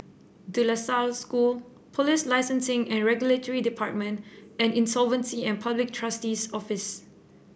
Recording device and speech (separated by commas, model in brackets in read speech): boundary microphone (BM630), read sentence